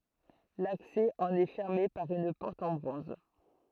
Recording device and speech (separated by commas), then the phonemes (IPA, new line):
throat microphone, read sentence
laksɛ ɑ̃n ɛ fɛʁme paʁ yn pɔʁt ɑ̃ bʁɔ̃z